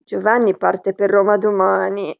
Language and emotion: Italian, sad